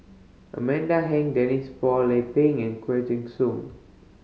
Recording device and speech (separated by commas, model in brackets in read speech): mobile phone (Samsung C5010), read sentence